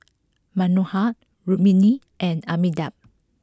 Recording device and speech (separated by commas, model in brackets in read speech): close-talking microphone (WH20), read sentence